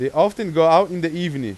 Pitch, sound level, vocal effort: 165 Hz, 98 dB SPL, very loud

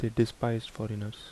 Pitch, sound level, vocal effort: 115 Hz, 75 dB SPL, soft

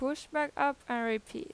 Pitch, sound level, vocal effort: 280 Hz, 89 dB SPL, normal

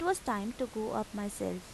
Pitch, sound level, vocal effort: 220 Hz, 82 dB SPL, normal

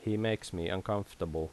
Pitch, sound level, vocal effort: 95 Hz, 80 dB SPL, normal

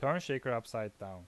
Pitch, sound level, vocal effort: 115 Hz, 88 dB SPL, loud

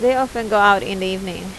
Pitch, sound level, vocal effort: 205 Hz, 86 dB SPL, normal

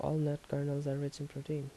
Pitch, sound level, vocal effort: 140 Hz, 76 dB SPL, soft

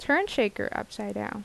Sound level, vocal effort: 79 dB SPL, normal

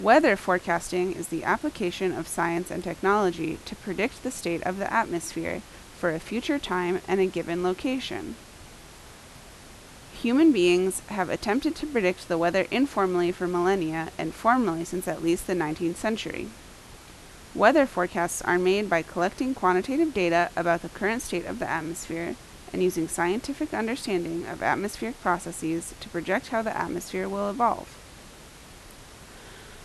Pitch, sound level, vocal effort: 185 Hz, 83 dB SPL, loud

